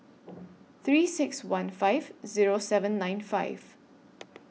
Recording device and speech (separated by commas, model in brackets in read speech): mobile phone (iPhone 6), read sentence